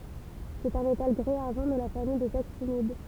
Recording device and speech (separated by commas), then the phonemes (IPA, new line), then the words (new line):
temple vibration pickup, read sentence
sɛt œ̃ metal ɡʁi aʁʒɑ̃ də la famij dez aktinid
C'est un métal gris-argent de la famille des actinides.